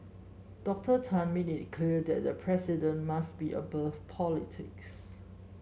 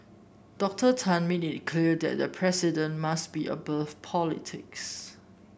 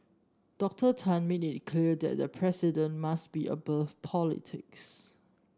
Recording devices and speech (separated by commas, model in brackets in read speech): mobile phone (Samsung S8), boundary microphone (BM630), standing microphone (AKG C214), read sentence